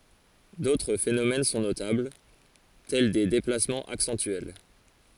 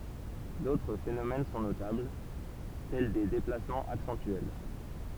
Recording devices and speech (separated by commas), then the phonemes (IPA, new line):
forehead accelerometer, temple vibration pickup, read sentence
dotʁ fenomɛn sɔ̃ notabl tɛl de deplasmɑ̃z aksɑ̃tyɛl